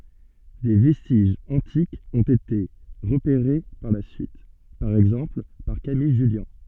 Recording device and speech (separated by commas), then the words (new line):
soft in-ear microphone, read sentence
Des vestiges antiques ont été repérés par la suite, par exemple par Camille Jullian.